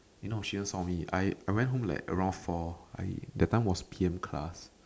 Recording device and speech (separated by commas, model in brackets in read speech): standing microphone, conversation in separate rooms